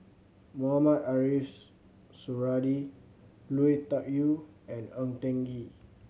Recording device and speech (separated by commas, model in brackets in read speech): mobile phone (Samsung C7100), read sentence